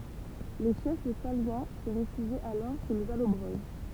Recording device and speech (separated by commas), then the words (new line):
temple vibration pickup, read sentence
Les chefs salyens se réfugient alors chez les Allobroges.